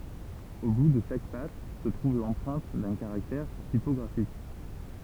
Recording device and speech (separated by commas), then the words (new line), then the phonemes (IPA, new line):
temple vibration pickup, read sentence
Au bout de chaque patte se trouve l'empreinte d'un caractère typographique.
o bu də ʃak pat sə tʁuv lɑ̃pʁɛ̃t dœ̃ kaʁaktɛʁ tipɔɡʁafik